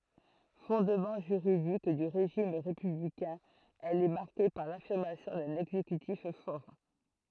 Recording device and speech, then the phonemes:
throat microphone, read sentence
fɔ̃dmɑ̃ ʒyʁidik dy ʁeʒim ʁepyblikɛ̃ ɛl ɛ maʁke paʁ lafiʁmasjɔ̃ dœ̃n ɛɡzekytif fɔʁ

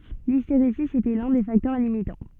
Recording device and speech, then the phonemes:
soft in-ear microphone, read sentence
listeʁezi etɛ lœ̃ de faktœʁ limitɑ̃

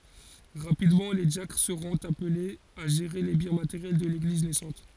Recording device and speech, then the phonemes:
forehead accelerometer, read sentence
ʁapidmɑ̃ le djakʁ səʁɔ̃t aplez a ʒeʁe le bjɛ̃ mateʁjɛl də leɡliz nɛsɑ̃t

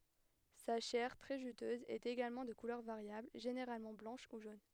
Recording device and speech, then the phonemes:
headset microphone, read sentence
sa ʃɛʁ tʁɛ ʒytøz ɛt eɡalmɑ̃ də kulœʁ vaʁjabl ʒeneʁalmɑ̃ blɑ̃ʃ u ʒon

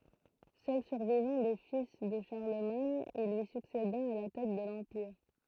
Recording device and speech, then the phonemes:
throat microphone, read sentence
sœl syʁvivɑ̃ de fil də ʃaʁləmaɲ il lyi sykseda a la tɛt də lɑ̃piʁ

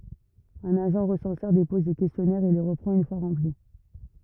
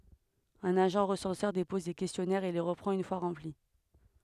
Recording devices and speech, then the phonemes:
rigid in-ear microphone, headset microphone, read sentence
œ̃n aʒɑ̃ ʁəsɑ̃sœʁ depɔz le kɛstjɔnɛʁz e le ʁəpʁɑ̃t yn fwa ʁɑ̃pli

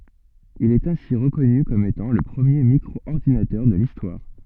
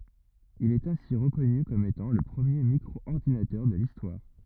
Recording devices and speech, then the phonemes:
soft in-ear microphone, rigid in-ear microphone, read sentence
il ɛt ɛ̃si ʁəkɔny kɔm etɑ̃ lə pʁəmje mikʁɔɔʁdinatœʁ də listwaʁ

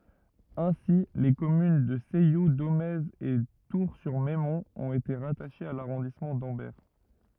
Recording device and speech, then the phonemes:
rigid in-ear microphone, read sentence
ɛ̃si le kɔmyn də sɛju domɛz e tuʁsyʁmɛmɔ̃t ɔ̃t ete ʁataʃez a laʁɔ̃dismɑ̃ dɑ̃bɛʁ

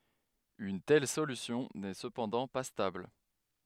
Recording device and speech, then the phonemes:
headset microphone, read sentence
yn tɛl solysjɔ̃ nɛ səpɑ̃dɑ̃ pa stabl

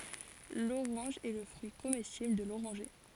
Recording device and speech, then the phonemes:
forehead accelerometer, read sentence
loʁɑ̃ʒ ɛ lə fʁyi komɛstibl də loʁɑ̃ʒe

